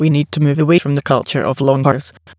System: TTS, waveform concatenation